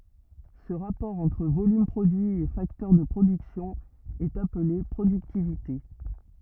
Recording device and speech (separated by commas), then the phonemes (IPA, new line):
rigid in-ear microphone, read sentence
sə ʁapɔʁ ɑ̃tʁ volym pʁodyi e faktœʁ də pʁodyksjɔ̃ ɛt aple pʁodyktivite